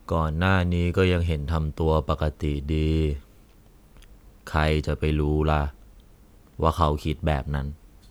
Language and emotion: Thai, neutral